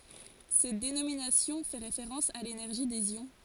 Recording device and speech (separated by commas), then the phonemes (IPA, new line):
forehead accelerometer, read sentence
sɛt denominasjɔ̃ fɛ ʁefeʁɑ̃s a lenɛʁʒi dez jɔ̃